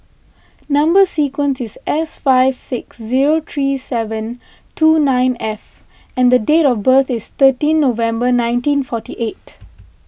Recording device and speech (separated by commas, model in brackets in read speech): boundary microphone (BM630), read sentence